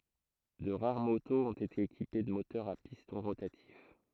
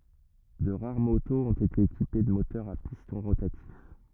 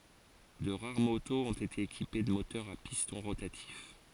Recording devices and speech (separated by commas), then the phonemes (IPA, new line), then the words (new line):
throat microphone, rigid in-ear microphone, forehead accelerometer, read sentence
də ʁaʁ motoz ɔ̃t ete ekipe də motœʁz a pistɔ̃ ʁotatif
De rares motos ont été équipées de moteurs à piston rotatif.